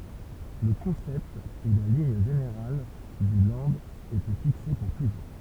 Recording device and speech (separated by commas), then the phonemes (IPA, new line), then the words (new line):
temple vibration pickup, read sentence
lə kɔ̃sɛpt e la liɲ ʒeneʁal dy lɑ̃d etɛ fikse puʁ tuʒuʁ
Le concept et la ligne générale du Land étaient fixés pour toujours.